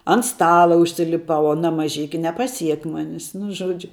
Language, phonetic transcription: Lithuanian, ant ˈstala užsiliˈpau aˈna maˈžiki nepaˈsiek ˈmonis nu ˈžuodžiu

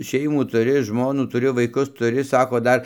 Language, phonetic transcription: Lithuanian, ˈšeimų tuˈri ˈžmonų tuˈri vaiˈkus tuˈri ˈsako ˈdar

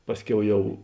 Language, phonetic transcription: Lithuanian, ˈpasˌkiau ˈjau

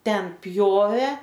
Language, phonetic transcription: Lithuanian, ˈten ˈpjovė

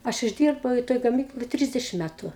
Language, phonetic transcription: Lithuanian, ˈaš išˈdyrbau i ˈtoj gaˈmykloj ˈtrisdešim ˈmætu

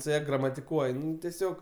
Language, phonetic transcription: Lithuanian, su ˈja gramatiˈkuoj ˈnu teˈsiog

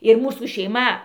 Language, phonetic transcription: Lithuanian, ir ˈmūsų šeiˈma

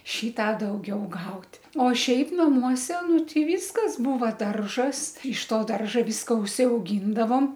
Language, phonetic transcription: Lithuanian, ˈšį ˈtą dauˈgiau ˈgaut' o ˈšiaip naˈmuose ˈnu ˈti ˈvyskas ˈbūva ˈdaržas iš ˈto ˈdarža ˈvyska užsiauˈgyndavom

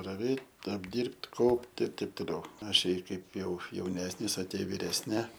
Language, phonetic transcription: Lithuanian, raˈvėt' apˈdyrb't' ˈkaup't' ir ˈteip toˈliau ˈašei ˈkaip jau jauˈnesnis a ˈtie viresˈni

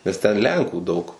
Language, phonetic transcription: Lithuanian, nes ˈten ˈlenkų ˈdaug

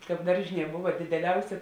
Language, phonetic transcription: Lithuanian, ˈkāp ˈdaržiˌnie ˈbuva dideˈliausė

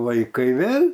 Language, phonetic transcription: Lithuanian, vaiˈkai ˈvėl'

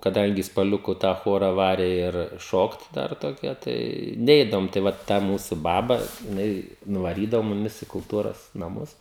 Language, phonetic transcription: Lithuanian, kaˈdangi spaˈliuku tą ˈchora ˈvare ir ˈšokt ˈdar toˈkia tai ˈneidavom tai ˈva ta ˈmūsu ˈbaba jiˈnai nuvaˈrydavo muˈmis i kulˈtūros naˈmus

